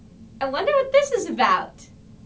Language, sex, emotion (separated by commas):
English, female, happy